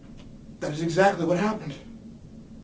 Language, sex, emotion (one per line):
English
male
fearful